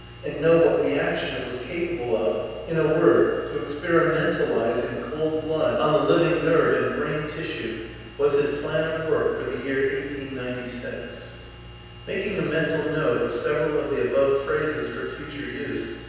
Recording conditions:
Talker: one person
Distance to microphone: 7.1 m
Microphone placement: far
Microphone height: 1.7 m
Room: very reverberant, large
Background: none

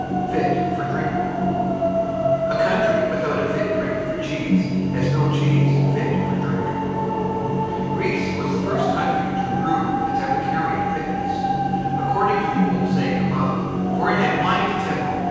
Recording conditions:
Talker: one person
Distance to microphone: 7.1 m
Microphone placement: far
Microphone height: 1.7 m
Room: very reverberant, large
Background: television

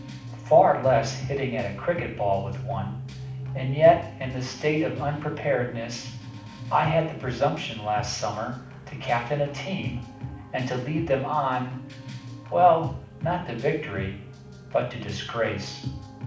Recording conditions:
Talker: one person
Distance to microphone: 5.8 m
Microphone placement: far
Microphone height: 1.8 m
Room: medium-sized (5.7 m by 4.0 m)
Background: music

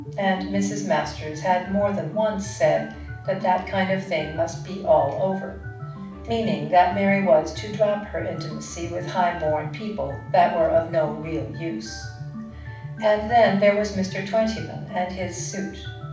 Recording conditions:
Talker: one person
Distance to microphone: 5.8 m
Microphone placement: far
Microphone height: 1.8 m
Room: medium-sized (5.7 m by 4.0 m)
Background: music

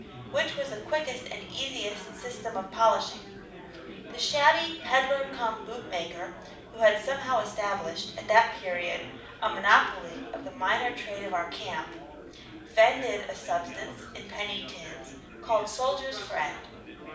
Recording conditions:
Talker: one person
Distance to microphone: 5.8 m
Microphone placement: far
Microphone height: 1.8 m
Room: medium-sized (5.7 m by 4.0 m)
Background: babble

